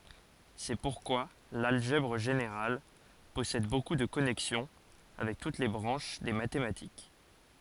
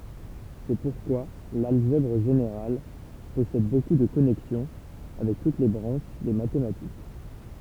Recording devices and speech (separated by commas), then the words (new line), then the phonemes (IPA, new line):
forehead accelerometer, temple vibration pickup, read sentence
C'est pourquoi l'algèbre générale possède beaucoup de connexions avec toutes les branches des mathématiques.
sɛ puʁkwa lalʒɛbʁ ʒeneʁal pɔsɛd boku də kɔnɛksjɔ̃ avɛk tut le bʁɑ̃ʃ de matematik